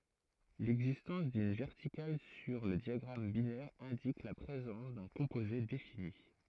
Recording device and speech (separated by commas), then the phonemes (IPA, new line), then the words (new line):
throat microphone, read sentence
lɛɡzistɑ̃s dyn vɛʁtikal syʁ lə djaɡʁam binɛʁ ɛ̃dik la pʁezɑ̃s dœ̃ kɔ̃poze defini
L'existence d'une verticale sur le diagramme binaire indique la présence d'un composé défini.